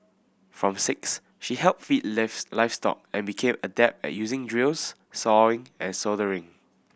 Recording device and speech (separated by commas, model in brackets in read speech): boundary microphone (BM630), read sentence